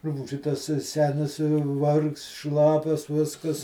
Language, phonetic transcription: Lithuanian, ˈrupūži tas ˈsenis ˈvargst ˈšlapias ˈviskas

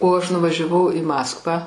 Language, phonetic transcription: Lithuanian, o ˈaš nuvažiaˈvau i ˈmaskvą

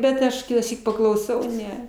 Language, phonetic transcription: Lithuanian, bet ˈaš kitąˈsyk paklauˈsau ˈne

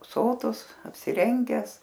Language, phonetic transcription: Lithuanian, ˈsotus apsiˈrengęs

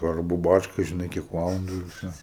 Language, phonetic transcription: Lithuanian, svarˈbu ˈbarška žiˈnai kiek ˈvalandu ir ˈvsio

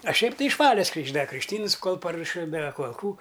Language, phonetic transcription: Lithuanian, a ˈšiaip ˈtai iš ˈvales krykšˈda krikšˈtyns ˈkol paruoˈši da kol kų

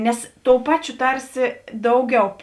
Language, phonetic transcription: Lithuanian, ˈnes ˈtou ˈpaˌčio ˈtarsi ˈdauˌgiau

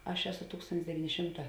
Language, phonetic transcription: Lithuanian, ˈaš ˈeˌso ˈtūkstontis deˈvyni ˈšimˌtā

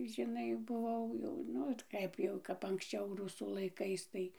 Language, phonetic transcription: Lithuanian, žiˈnai buˈvau jau ˈnu t ˈkaip jau kap anksˈčiau ˈrusų laiˈkais tai

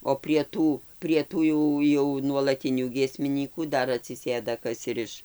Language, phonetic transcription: Lithuanian, o prie ˈtų prie ˈtų jau jau nuolaˈtinių giesmiˈnykų ˈdar atsiˈsėda ˈkas ir ˈiš

